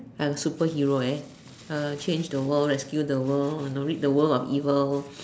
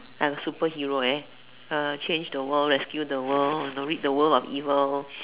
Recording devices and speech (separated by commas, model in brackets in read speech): standing microphone, telephone, conversation in separate rooms